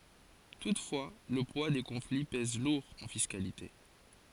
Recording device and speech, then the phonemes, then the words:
forehead accelerometer, read sentence
tutfwa lə pwa de kɔ̃fli pɛz luʁ ɑ̃ fiskalite
Toutefois, le poids des conflits pèse lourd en fiscalité.

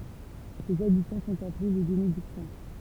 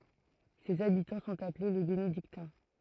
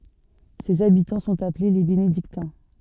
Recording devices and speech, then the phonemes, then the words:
temple vibration pickup, throat microphone, soft in-ear microphone, read sentence
sez abitɑ̃ sɔ̃t aple le benediktɛ̃
Ses habitants sont appelés les Bénédictins.

